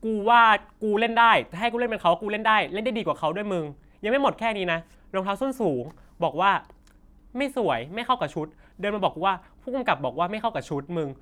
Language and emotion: Thai, frustrated